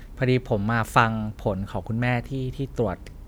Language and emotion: Thai, neutral